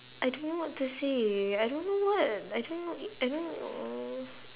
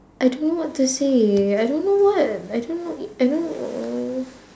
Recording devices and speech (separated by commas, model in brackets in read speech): telephone, standing microphone, conversation in separate rooms